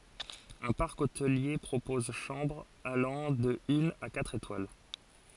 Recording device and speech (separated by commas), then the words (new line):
forehead accelerometer, read sentence
Un parc hôtelier propose chambres allant de une à quatre étoiles.